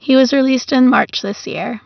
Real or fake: real